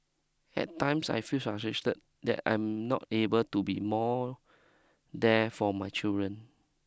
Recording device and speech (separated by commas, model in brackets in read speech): close-talking microphone (WH20), read sentence